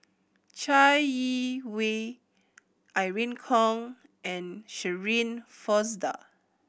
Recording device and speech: boundary microphone (BM630), read sentence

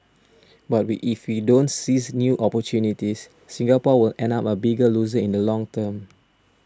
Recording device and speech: standing microphone (AKG C214), read sentence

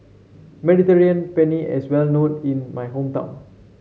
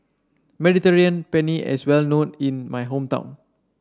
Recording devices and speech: mobile phone (Samsung C7), standing microphone (AKG C214), read sentence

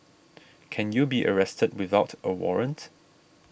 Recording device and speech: boundary microphone (BM630), read sentence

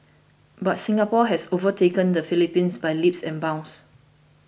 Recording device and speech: boundary microphone (BM630), read sentence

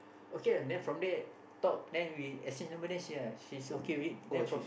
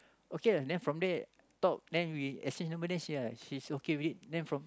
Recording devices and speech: boundary microphone, close-talking microphone, conversation in the same room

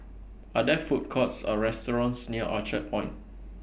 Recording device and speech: boundary microphone (BM630), read sentence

